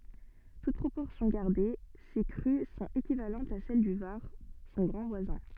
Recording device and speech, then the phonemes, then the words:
soft in-ear microphone, read sentence
tut pʁopɔʁsjɔ̃ ɡaʁde se kʁy sɔ̃t ekivalɑ̃tz a sɛl dy vaʁ sɔ̃ ɡʁɑ̃ vwazɛ̃
Toutes proportions gardées, ces crues sont équivalentes à celles du Var, son grand voisin.

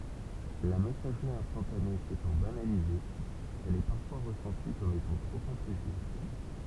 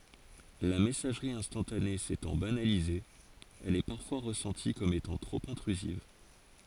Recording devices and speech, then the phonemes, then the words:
temple vibration pickup, forehead accelerometer, read sentence
la mɛsaʒʁi ɛ̃stɑ̃tane setɑ̃ banalize ɛl ɛ paʁfwa ʁəsɑ̃ti kɔm etɑ̃ tʁop ɛ̃tʁyziv
La messagerie instantanée s'étant banalisée, elle est parfois ressentie comme étant trop intrusive.

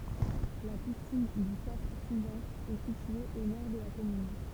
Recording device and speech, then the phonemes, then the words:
temple vibration pickup, read sentence
la pisin dy kap sizœ̃n ɛ sitye o nɔʁ də la kɔmyn
La piscine du Cap Sizun est située au nord de la commune.

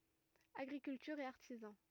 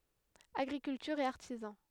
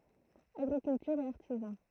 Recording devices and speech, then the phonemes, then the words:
rigid in-ear microphone, headset microphone, throat microphone, read sentence
aɡʁikyltyʁ e aʁtizɑ̃
Agriculture et artisans.

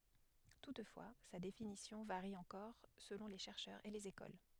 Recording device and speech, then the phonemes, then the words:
headset microphone, read sentence
tutfwa sa definisjɔ̃ vaʁi ɑ̃kɔʁ səlɔ̃ le ʃɛʁʃœʁz e lez ekol
Toutefois, sa définition varie encore selon les chercheurs et les écoles.

